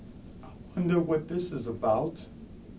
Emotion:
fearful